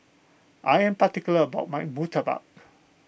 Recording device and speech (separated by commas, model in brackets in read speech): boundary microphone (BM630), read sentence